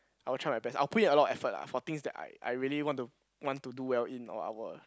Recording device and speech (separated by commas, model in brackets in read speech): close-talking microphone, conversation in the same room